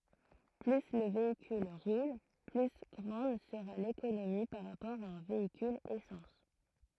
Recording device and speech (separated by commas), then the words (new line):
throat microphone, read sentence
Plus le véhicule roule, plus grande sera l'économie par rapport à un véhicule essence.